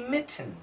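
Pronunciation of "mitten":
'Mitten' has its proper, careful pronunciation here, not the usual everyday one with a glottal stop.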